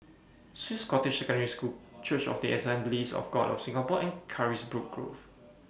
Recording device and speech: boundary microphone (BM630), read sentence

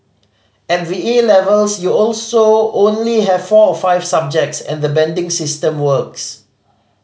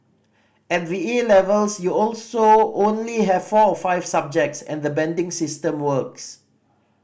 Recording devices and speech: mobile phone (Samsung C5010), boundary microphone (BM630), read sentence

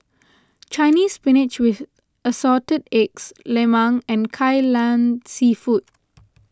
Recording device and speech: close-talking microphone (WH20), read sentence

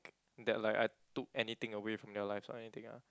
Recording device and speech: close-talking microphone, conversation in the same room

